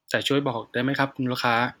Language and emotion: Thai, neutral